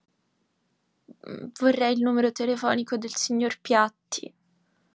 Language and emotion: Italian, sad